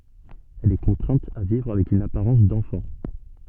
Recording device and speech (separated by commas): soft in-ear microphone, read sentence